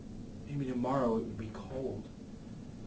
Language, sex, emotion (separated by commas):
English, male, neutral